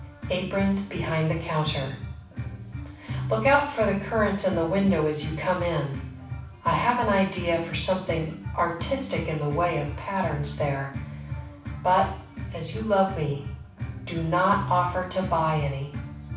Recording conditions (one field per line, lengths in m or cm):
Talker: one person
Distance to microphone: 5.8 m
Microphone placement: far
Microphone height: 1.8 m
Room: medium-sized (5.7 m by 4.0 m)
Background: music